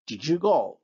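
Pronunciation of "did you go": In 'did you go', the d at the end of 'did' becomes a j sound as it runs into 'you'.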